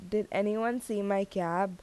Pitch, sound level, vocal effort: 200 Hz, 83 dB SPL, normal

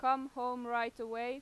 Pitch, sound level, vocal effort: 245 Hz, 95 dB SPL, loud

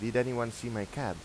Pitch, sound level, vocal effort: 120 Hz, 88 dB SPL, normal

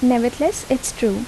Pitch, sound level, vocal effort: 250 Hz, 76 dB SPL, soft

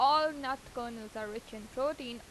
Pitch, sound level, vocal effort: 245 Hz, 91 dB SPL, loud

